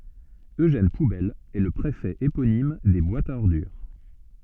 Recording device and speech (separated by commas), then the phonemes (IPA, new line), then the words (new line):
soft in-ear microphone, read sentence
øʒɛn pubɛl ɛ lə pʁefɛ eponim de bwatz a ɔʁdyʁ
Eugène Poubelle est le préfet éponyme des boîtes à ordures.